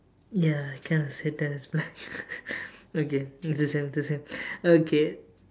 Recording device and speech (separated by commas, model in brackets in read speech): standing microphone, conversation in separate rooms